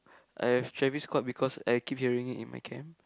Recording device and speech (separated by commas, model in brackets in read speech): close-talking microphone, conversation in the same room